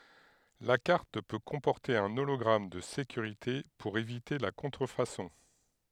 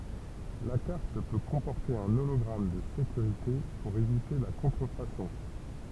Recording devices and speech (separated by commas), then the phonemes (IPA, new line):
headset microphone, temple vibration pickup, read sentence
la kaʁt pø kɔ̃pɔʁte œ̃ olɔɡʁam də sekyʁite puʁ evite la kɔ̃tʁəfasɔ̃